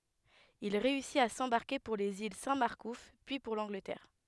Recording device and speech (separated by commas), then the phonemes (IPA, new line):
headset microphone, read sentence
il ʁeysit a sɑ̃baʁke puʁ lez il sɛ̃ maʁkuf pyi puʁ lɑ̃ɡlətɛʁ